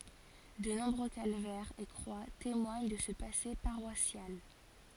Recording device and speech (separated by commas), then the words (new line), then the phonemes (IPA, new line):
forehead accelerometer, read sentence
De nombreux calvaires et croix témoignent de ce passé paroissial.
də nɔ̃bʁø kalvɛʁz e kʁwa temwaɲ də sə pase paʁwasjal